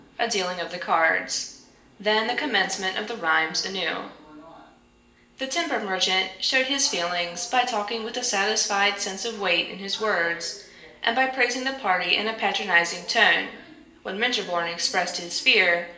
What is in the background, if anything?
A television.